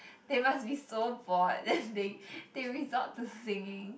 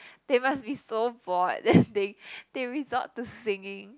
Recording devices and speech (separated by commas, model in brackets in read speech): boundary microphone, close-talking microphone, conversation in the same room